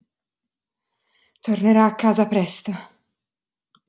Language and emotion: Italian, fearful